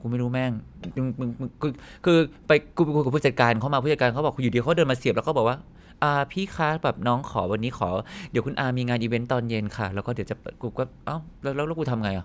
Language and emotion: Thai, frustrated